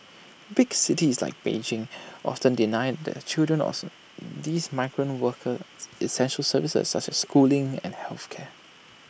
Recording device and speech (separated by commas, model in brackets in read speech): boundary microphone (BM630), read sentence